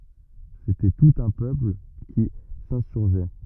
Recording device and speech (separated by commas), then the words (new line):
rigid in-ear microphone, read sentence
C’était tout un peuple qui s’insurgeait.